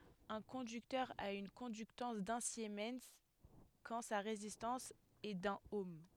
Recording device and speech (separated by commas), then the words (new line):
headset microphone, read sentence
Un conducteur a une conductance d’un siemens quand sa résistance est d'un ohm.